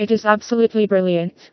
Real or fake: fake